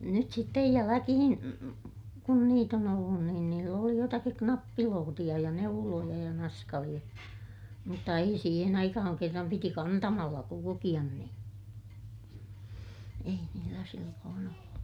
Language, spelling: Finnish, nyt sitten jälkeen kun niitä on ollut niin niillä oli jotakin nappilootia ja neuloja ja naskaleita mutta ei siihen aikaan kerran piti kantamalla kulkea niin ei niillä silloin ollut
- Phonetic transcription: nyt sittej jäläkihin , kun niit ‿on ollun niin niill ‿oli jotakik knappilootiʲa ja neuloja ja naskaliʲa , mutta ei siihen ‿aikahaŋ kerram piti kantamalla kulukiʲan niḭ , ei niillä silloon ‿ollu .

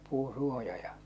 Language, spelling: Finnish, puun suoja ja
- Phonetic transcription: 'puuṵ 'suoja ja .

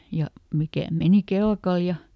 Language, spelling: Finnish, ja mikä meni kelkalla ja
- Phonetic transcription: ja ˈmikä̀ ˈmeni "kelkal ja ,.

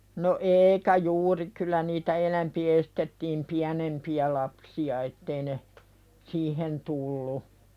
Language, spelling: Finnish, no eikä juuri kyllä niitä enempi estettiin pienempiä lapsia että ei ne siihen tullut
- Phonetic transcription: no "eikä "juuri kyl̆lä niitä 'enämpi estetttiim "piänempi₍ä lapsi₍a ettei ne , "siihen tullu .

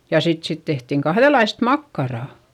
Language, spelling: Finnish, ja sitten siitä tehtiin kahdenlaista makkaraa
- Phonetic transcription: ja sit siit tehtiŋ kahδelaist makkarà .

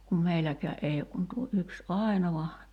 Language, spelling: Finnish, kun meilläkään ei ole kuin tuo yksi ainoa
- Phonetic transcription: kum 'meiläkää’ ’ei ok kun tuo '’yks "’ài̬nova ,.

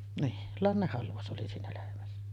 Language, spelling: Finnish, niin lannehalvaus oli siinä lehmässä
- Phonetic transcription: nii , 'lannehhalvaus ’oli siinä lehmässä .

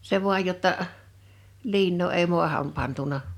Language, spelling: Finnish, se vain jotta - liinaa ei maahan pantu
- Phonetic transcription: 'se vu̬aj jotta ə’ , 'liinnoo èi 'mu̬aham 'pantuna .

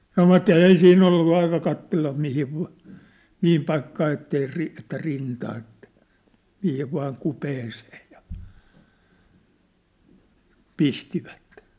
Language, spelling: Finnish, sanoivat ei siinä ollut aikaa katsella mihin - mihin paikkaan että ei - että rintaan että mihin vain kupeeseen ja pistivät
- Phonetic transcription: 'sanovat"ᵗ ‿èi 'siin'n ‿ollu 'aika kattella 'mihiv va̭- , 'mihim paikkaa ettei 'ri- , että rintaa ettᴀ̈ , mihiv vaaŋ 'kupeeseej̆ ja , 'pistivättᴇ .

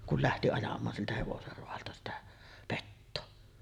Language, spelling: Finnish, kun lähti ajamaan siltä hevosen raadolta sitä petoa
- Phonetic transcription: kul lähti ajam̀aan siltä 'hevoser roalta sitä , 'pettoo .

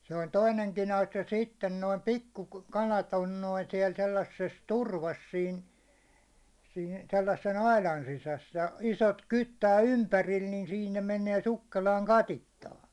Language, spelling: Finnish, se oli toinenkin asia sitten noin pikkukalat on noin siellä sellaisessa turvassa siinä siinä sellaisen aidan sisässä ja isot kyttää ympärillä niin siinä ne menee sukkelaan katiskaankin
- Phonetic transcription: se oĺ "toineŋkin 'asja 'sitten noim "pikku'kalat 'on noin siɛl 'sellasses "turvas siin , siin 'sellassen "ailan sisäs ja , 'isot 'kyttää "ympäril nin 'siin ne 'menee 'sukkelaaŋ "katittaaŋkɪ .

